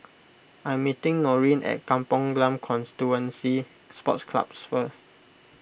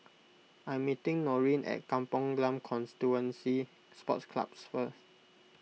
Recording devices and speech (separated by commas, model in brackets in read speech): boundary microphone (BM630), mobile phone (iPhone 6), read sentence